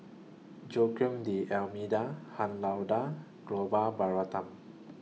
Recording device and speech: mobile phone (iPhone 6), read sentence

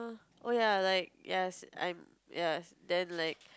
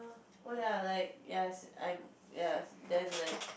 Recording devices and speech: close-talking microphone, boundary microphone, conversation in the same room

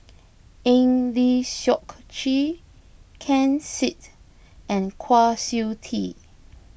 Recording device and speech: boundary microphone (BM630), read sentence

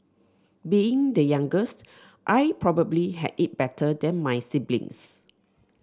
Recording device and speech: standing microphone (AKG C214), read sentence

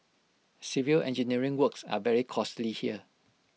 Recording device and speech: mobile phone (iPhone 6), read sentence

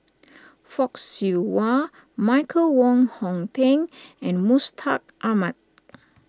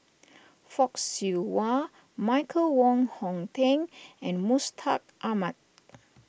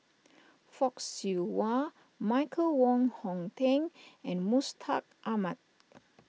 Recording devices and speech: standing microphone (AKG C214), boundary microphone (BM630), mobile phone (iPhone 6), read sentence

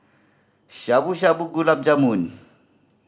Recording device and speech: standing microphone (AKG C214), read sentence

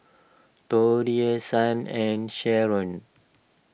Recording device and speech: boundary microphone (BM630), read sentence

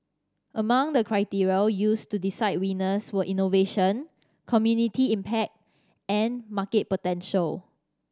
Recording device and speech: standing microphone (AKG C214), read sentence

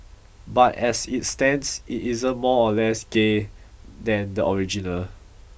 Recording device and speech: boundary microphone (BM630), read sentence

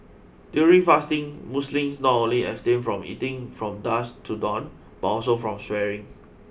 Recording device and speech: boundary microphone (BM630), read sentence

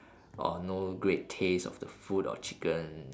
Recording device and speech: standing microphone, conversation in separate rooms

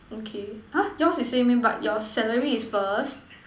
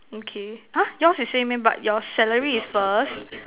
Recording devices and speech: standing microphone, telephone, conversation in separate rooms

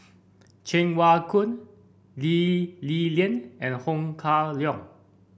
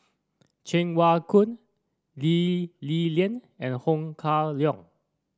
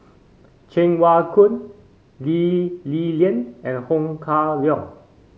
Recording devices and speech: boundary microphone (BM630), standing microphone (AKG C214), mobile phone (Samsung C5), read sentence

